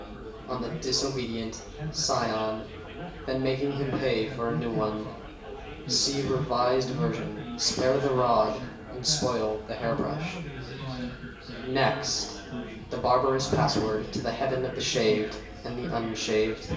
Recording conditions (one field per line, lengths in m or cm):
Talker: one person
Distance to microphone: 1.8 m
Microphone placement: close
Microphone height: 1.0 m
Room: large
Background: babble